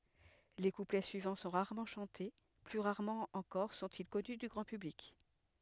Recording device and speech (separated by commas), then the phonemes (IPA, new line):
headset microphone, read sentence
le kuplɛ syivɑ̃ sɔ̃ ʁaʁmɑ̃ ʃɑ̃te ply ʁaʁmɑ̃ ɑ̃kɔʁ sɔ̃ti kɔny dy ɡʁɑ̃ pyblik